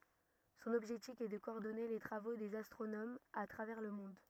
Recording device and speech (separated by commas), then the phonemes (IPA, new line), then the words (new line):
rigid in-ear microphone, read sentence
sɔ̃n ɔbʒɛktif ɛ də kɔɔʁdɔne le tʁavo dez astʁonomz a tʁavɛʁ lə mɔ̃d
Son objectif est de coordonner les travaux des astronomes à travers le monde.